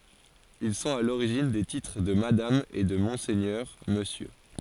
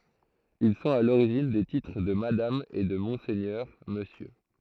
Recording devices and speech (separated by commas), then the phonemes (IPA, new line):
forehead accelerometer, throat microphone, read sentence
il sɔ̃t a loʁiʒin de titʁ də madam e də mɔ̃sɛɲœʁ məsjø